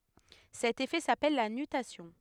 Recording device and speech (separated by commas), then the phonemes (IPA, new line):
headset microphone, read sentence
sɛt efɛ sapɛl la nytasjɔ̃